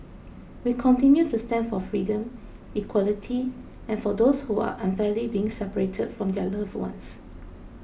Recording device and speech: boundary microphone (BM630), read sentence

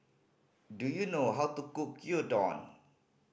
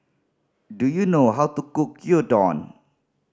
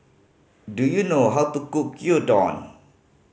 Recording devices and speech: boundary microphone (BM630), standing microphone (AKG C214), mobile phone (Samsung C5010), read sentence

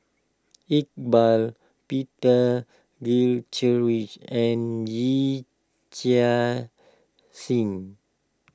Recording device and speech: close-talking microphone (WH20), read sentence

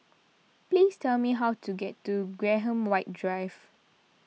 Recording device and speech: mobile phone (iPhone 6), read sentence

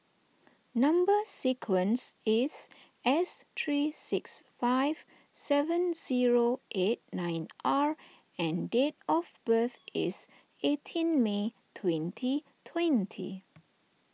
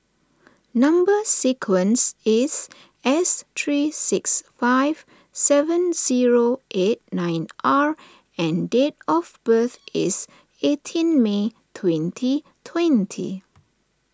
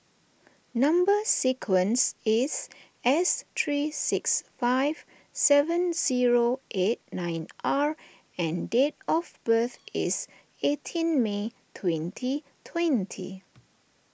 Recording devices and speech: mobile phone (iPhone 6), standing microphone (AKG C214), boundary microphone (BM630), read sentence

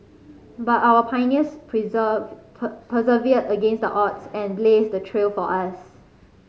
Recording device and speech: mobile phone (Samsung C5010), read sentence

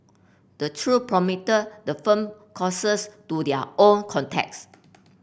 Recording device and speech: boundary microphone (BM630), read sentence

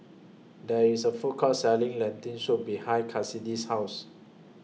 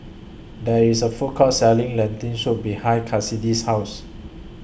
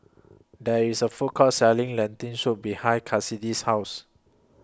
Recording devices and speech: mobile phone (iPhone 6), boundary microphone (BM630), close-talking microphone (WH20), read sentence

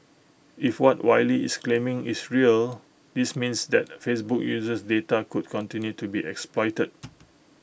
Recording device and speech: boundary microphone (BM630), read sentence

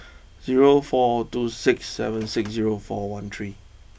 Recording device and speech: boundary microphone (BM630), read sentence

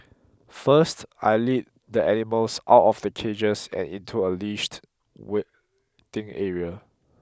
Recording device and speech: close-talking microphone (WH20), read sentence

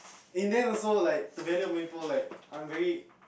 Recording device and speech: boundary microphone, conversation in the same room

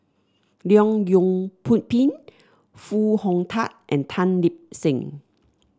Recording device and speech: standing microphone (AKG C214), read sentence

